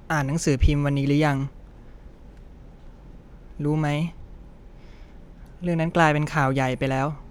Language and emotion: Thai, sad